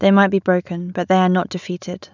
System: none